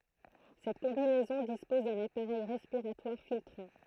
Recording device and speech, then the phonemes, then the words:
throat microphone, read sentence
sɛt kɔ̃binɛzɔ̃ dispɔz dœ̃n apaʁɛj ʁɛspiʁatwaʁ filtʁɑ̃
Cette combinaison dispose d'un appareil respiratoire filtrant.

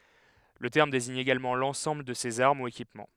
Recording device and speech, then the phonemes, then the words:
headset microphone, read sentence
lə tɛʁm deziɲ eɡalmɑ̃ lɑ̃sɑ̃bl də sez aʁm u ekipmɑ̃
Le terme désigne également l'ensemble de ces armes ou équipements.

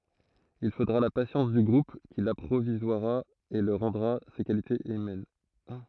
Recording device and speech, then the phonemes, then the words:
throat microphone, read sentence
il fodʁa la pasjɑ̃s dy ɡʁup ki lapʁivwazʁa e lyi ʁɑ̃dʁa se kalitez ymɛn
Il faudra la patience du groupe qui l'apprivoisera et lui rendra ses qualités humaines.

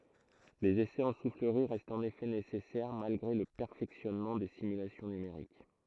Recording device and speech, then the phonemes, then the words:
throat microphone, read sentence
lez esɛz ɑ̃ sufləʁi ʁɛstt ɑ̃n efɛ nesɛsɛʁ malɡʁe lə pɛʁfɛksjɔnmɑ̃ de simylasjɔ̃ nymeʁik
Les essais en soufflerie restent en effet nécessaires, malgré le perfectionnement des simulations numériques.

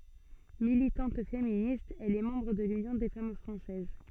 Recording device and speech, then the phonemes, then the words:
soft in-ear microphone, read sentence
militɑ̃t feminist ɛl ɛ mɑ̃bʁ də lynjɔ̃ de fam fʁɑ̃sɛz
Militante féministe, elle est membre de l'Union des Femmes Françaises.

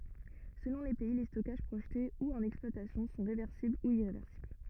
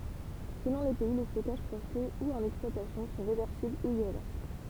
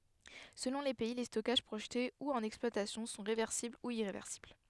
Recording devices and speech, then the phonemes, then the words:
rigid in-ear microphone, temple vibration pickup, headset microphone, read sentence
səlɔ̃ le pɛi le stɔkaʒ pʁoʒte u ɑ̃n ɛksplwatasjɔ̃ sɔ̃ ʁevɛʁsibl u iʁevɛʁsibl
Selon les pays, les stockages projetés ou en exploitation sont réversibles ou irréversibles.

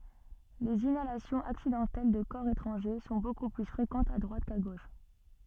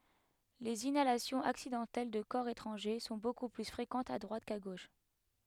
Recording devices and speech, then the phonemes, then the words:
soft in-ear microphone, headset microphone, read sentence
lez inalasjɔ̃z aksidɑ̃tɛl də kɔʁ etʁɑ̃ʒe sɔ̃ boku ply fʁekɑ̃tz a dʁwat ka ɡoʃ
Les inhalations accidentelles de corps étrangers sont beaucoup plus fréquentes à droite qu'à gauche.

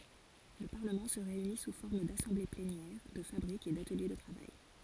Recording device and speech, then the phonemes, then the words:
forehead accelerometer, read sentence
lə paʁləmɑ̃ sə ʁeyni su fɔʁm dasɑ̃ble plenjɛʁ də fabʁikz e datəlje də tʁavaj
Le Parlement se réunit sous forme d’assemblées plénières, de fabriques et d’ateliers de travail.

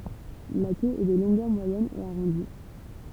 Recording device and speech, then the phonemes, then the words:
temple vibration pickup, read sentence
la kø ɛ də lɔ̃ɡœʁ mwajɛn e aʁɔ̃di
La queue est de longueur moyenne et arrondie.

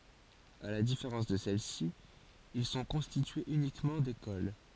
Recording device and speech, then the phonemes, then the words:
forehead accelerometer, read sentence
a la difeʁɑ̃s də sɛlɛsi il sɔ̃ kɔ̃stityez ynikmɑ̃ dekol
À la différence de celles-ci, ils sont constitués uniquement d'écoles.

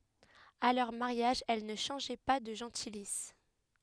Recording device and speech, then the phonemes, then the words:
headset microphone, read sentence
a lœʁ maʁjaʒ ɛl nə ʃɑ̃ʒɛ pa də ʒɑ̃tilis
À leur mariage, elles ne changeaient pas de gentilice.

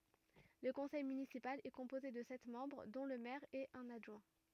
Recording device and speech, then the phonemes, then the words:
rigid in-ear microphone, read sentence
lə kɔ̃sɛj mynisipal ɛ kɔ̃poze də sɛt mɑ̃bʁ dɔ̃ lə mɛʁ e œ̃n adʒwɛ̃
Le conseil municipal est composé de sept membres dont le maire et un adjoint.

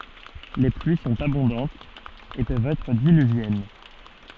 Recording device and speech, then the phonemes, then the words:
soft in-ear microphone, read sentence
le plyi sɔ̃t abɔ̃dɑ̃tz e pøvt ɛtʁ dilyvjɛn
Les pluies sont abondantes et peuvent être diluviennes.

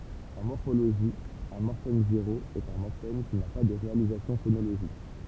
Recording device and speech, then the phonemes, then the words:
temple vibration pickup, read sentence
ɑ̃ mɔʁfoloʒi œ̃ mɔʁfɛm zeʁo ɛt œ̃ mɔʁfɛm ki na pa də ʁealizasjɔ̃ fonoloʒik
En morphologie, un morphème zéro est un morphème qui n'a pas de réalisation phonologique.

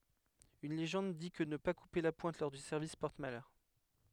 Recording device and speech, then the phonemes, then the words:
headset microphone, read sentence
yn leʒɑ̃d di kə nə pa kupe la pwɛ̃t lɔʁ dy sɛʁvis pɔʁt malœʁ
Une légende dit que ne pas couper la pointe lors du service porte malheur.

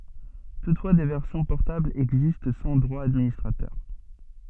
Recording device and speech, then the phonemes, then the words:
soft in-ear microphone, read sentence
tutfwa de vɛʁsjɔ̃ pɔʁtablz ɛɡzist sɑ̃ dʁwa dadministʁatœʁ
Toutefois, des versions portables existent sans droits d'administrateur.

